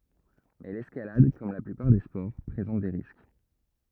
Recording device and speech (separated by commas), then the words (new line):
rigid in-ear microphone, read sentence
Mais l'escalade, comme la plupart des sports, présente des risques.